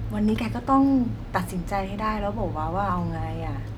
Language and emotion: Thai, neutral